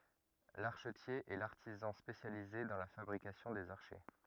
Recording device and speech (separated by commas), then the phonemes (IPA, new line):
rigid in-ear microphone, read sentence
laʁʃətje ɛ laʁtizɑ̃ spesjalize dɑ̃ la fabʁikasjɔ̃ dez aʁʃɛ